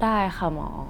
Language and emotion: Thai, neutral